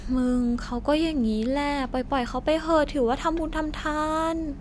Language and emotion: Thai, frustrated